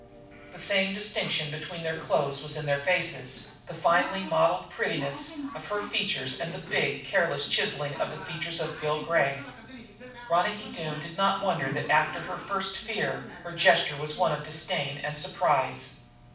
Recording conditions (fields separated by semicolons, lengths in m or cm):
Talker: one person; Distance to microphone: 5.8 m; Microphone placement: far; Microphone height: 1.8 m; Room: medium-sized (5.7 m by 4.0 m); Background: television